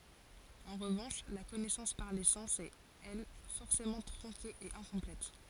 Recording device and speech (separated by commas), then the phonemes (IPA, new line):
forehead accelerometer, read sentence
ɑ̃ ʁəvɑ̃ʃ la kɔnɛsɑ̃s paʁ le sɑ̃s ɛt ɛl fɔʁsemɑ̃ tʁɔ̃ke e ɛ̃kɔ̃plɛt